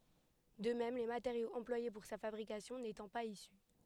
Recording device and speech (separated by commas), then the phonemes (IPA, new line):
headset microphone, read sentence
də mɛm le mateʁjoz ɑ̃plwaje puʁ sa fabʁikasjɔ̃ netɑ̃ paz isy